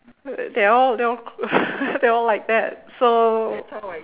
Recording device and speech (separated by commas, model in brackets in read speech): telephone, conversation in separate rooms